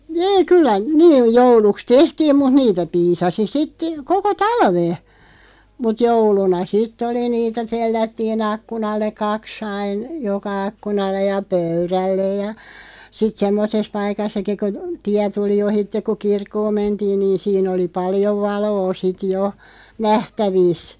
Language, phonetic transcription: Finnish, (niiŋ) 'kyllä , 'niiʲ 'jouluks "tehtiim muᵗ 'niitä 'piisasi sit , 'koko "talve , mut 'jouluna "sitt ‿oli niitä 'tellättii'n ‿akkunalle ̳§ 'kak's ‿ain , "joka 'akkunallej ja "pöyrällej ja , sit "semmoses 'paikassaki ku , "tiä 'tuli 'ohitteᵏ ku "kirkkooᵐ 'mentiin niin̬ 'siin ‿oli "paljov 'valoo 'sit "jo , "nähtävìs .
- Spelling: niin kyllä niin jouluksi tehtiin mutta niitä piisasi sitten koko talven mutta jouluna sitten oli niitä tellättiin ikkunalle kaksi aina joka ikkunalle ja pöydälle ja sitten semmoisessa paikassakin kun tie tuli ohitse kun kirkkoon mentiin niin siinä oli paljon valoa sitten jo nähtävissä

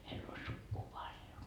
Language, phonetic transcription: Finnish, meill ‿o sukkuu 'paljo .
- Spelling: meillä on sukua paljon

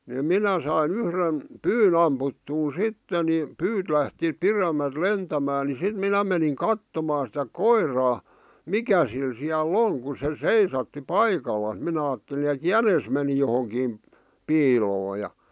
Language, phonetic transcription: Finnish, ni "minä sain "yhren , "pyyn ‿amputtuun "sitte ni , "pyyt lähti "piremäˡt "lentämää ni 'sit 'minä meniŋ 'kattomaan sⁱtä "koir̀aa , "mikä sil siäl"l ‿oŋ ku se "seisatti "paikallas 'minä aatteli ᵉt "jänes meni johoŋkiim , 'piiloo ja .
- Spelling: niin minä sain yhden pyyn ammuttua sitten niin pyyt lähti pidemmältä lentämään niin sitten minä menin katsomaan sitä koiraa mikä sillä siellä on kun se seisahti paikallaan minä ajattelin että jänis meni johonkin piiloon ja

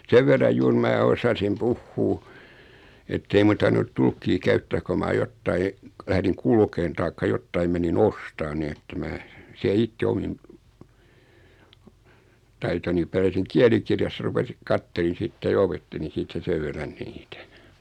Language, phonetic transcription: Finnish, 'sev verraj 'juur mää 'osasim "puhhuu , ettei muⁿ tarvinut 'tulkkii 'käyttää ko maa 'jottai , lähriŋ 'kulkeen taikka 'jottaim meni"n ‿ostaan nii että 'mää , siä 'itte 'omim , 'taitoni pärjäsiŋ 'kiälikirjassa rupesi , 'kattelin̬ 'sitte ja 'opettelin̬ siit̀ä 'sev verran 'niitä .
- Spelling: sen verran juuri minä osasin puhua että ei minun tarvinnut tulkkia käyttää kun minä jotakin lähdin kulkemaan tai jotakin menin ostamaan niin että minä siellä itse omin taitoni pärjäsin kielikirjassa rupesin katselin sitten ja opettelin siitä sen verran niitä

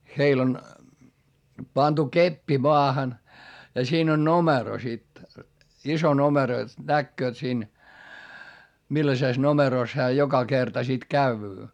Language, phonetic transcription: Finnish, heil ‿on , pantu keppi moahan , ja siin ‿on nomero sit , iso nomero jot näkkööt siin , millasès nomeròs hää joka kerta sit käyvyy .
- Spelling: heillä on pantu keppi maahan ja siinä on numero sitten iso numero jotta näkevät siinä millaisessa numerossa hän joka kerta sitten käy

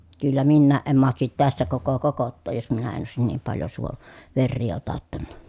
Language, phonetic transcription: Finnish, kyllä minnääʼ ʼem mahtasit tässä koko kokottooj jos minä en òesin niim paljo suon- , verrii otattanna .
- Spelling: kyllä minäkään en mahtaisi tässä koko kokottaa jos minä en olisi niin paljon - veriä otattanut

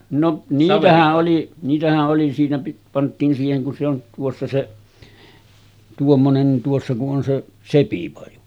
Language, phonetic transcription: Finnish, no 'niitähä’ ’oli , niitähä’ ’oli siinä pi- 'pant̆tiin siiheŋ kun se ‿on , tuossa se , 'tuommonen nin tuossa ku’ ’on 'se , "sepipaju .
- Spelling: no niitähän oli niitähän oli siinä - pantiin siihen kun se on tuossa se tuommoinen niin tuossa kun on se sepipaju

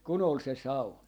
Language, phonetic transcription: Finnish, kun ‿ol 'se "saun .
- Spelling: kun oli se sauna

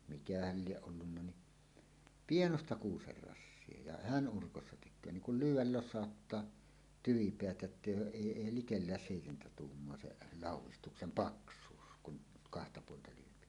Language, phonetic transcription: Finnish, 'mikähäl 'lieˀ 'ˀollunna ni , "pienosta "kuuser 'rassie ja "hän 'ˀurkossa tek̆köö niŋ kul "lyyw̆wäl 'los̆sàottaa , 'tyvipeät 'jottèij ‿ooˀ "ˀèi 'èi "likellääs 'sèitentä 'tuummoa se "làuw̆wistuksem "paks̀uus kun , kahta puolta lyöpi .
- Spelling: mikähän lie ollut niin pienoista kuusen rassia ja hän urkossa tekee niin kuin lyödä losauttaa tyvipäät jotta ei ole ei ei likellä seitsemää tuumaa se laudistuksen paksuus kun kahta puolta lyö

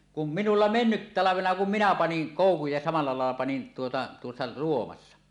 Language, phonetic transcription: Finnish, kum "minulla 'mennyttalavena kum "minä 'paniŋ 'kòukuj ja samal̳a làella panin tuota tuossa ('ruowassa) .
- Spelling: kun minulla menneenä talvena kun minä panin koukun ja samalla lailla panin tuota tuossa -

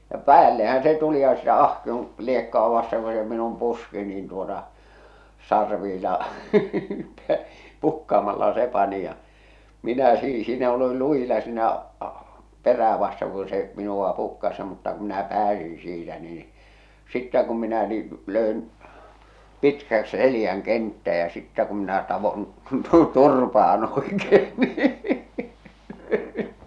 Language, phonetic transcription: Finnish, ja "päällehän se 'tuli ja sitä 'ahkion , 'liekk°à vasteŋ ko se minum 'puski nin tuota , 'sarviila , "pukkaamalla 'se 'pani ja , 'minä sii- siinä olil 'luʲila siinä’ ᴀ- , "perää vasteŋ ku se , minuᵛa 'pukkas mutta ku minä 'pääsiḭ siitä nii , 'sittä kum minä nii , "lö̀en , "pitkäkˢ 'selⁱjäŋ 'kenttää ja 'sittä kum minä tavon , "turpaan òekee nii .
- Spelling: ja päällehän se tuli ja sitä ahkion liekkoa vasten kun se minun puski niin tuota sarvilla pukkaamalla se pani ja minä - siinä olin lujilla siinä - perää vasten kun se minua pukkasi mutta kun minä pääsin siitä niin sitten kun minä niin löin pitkäksi selän kenttään ja sitten kun minä taoin turpaan oikein niin

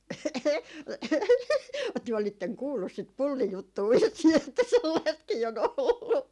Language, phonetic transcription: Finnish, työ olitteŋ 'kuullus sit 'pullijuttuu vissii että 'sellaistkii o'n ‿ollu .
- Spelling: te olitte kuullut sitä pullijuttua vissiin että sellaistakin on ollut

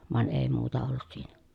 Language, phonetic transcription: Finnish, van èi̮ muuta ollut siiNÄ .
- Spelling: vaan ei muuta ollut siinä

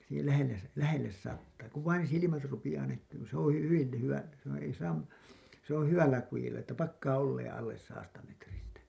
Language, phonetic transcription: Finnish, siihel 'lähelles , 'lähelles sattaa , ku vain 'silimät rupiʲaa näkkyyn ni ‿se ‿oo̰ 'hyvil ly- , hyvä , s ‿on̬ , ei saam , se ‿on 'hyvällä 'kujilla että 'pakkaa 'olleeḛ 'alles saasta metristä .
- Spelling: siihen lähelle lähelle sataa kun vain silmät rupeaa näkymään niin se on hyvin - hyvä se on ei saa se on hyvällä kudilla että pakkaa olemaan alle sadasta metristä

